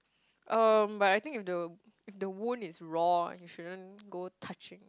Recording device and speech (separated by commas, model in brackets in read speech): close-talking microphone, conversation in the same room